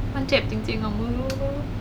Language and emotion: Thai, sad